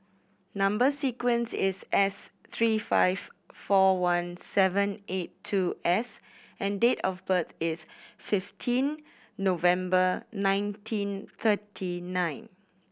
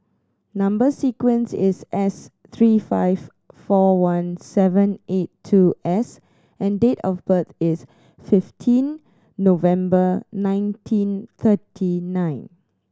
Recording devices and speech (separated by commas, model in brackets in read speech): boundary microphone (BM630), standing microphone (AKG C214), read sentence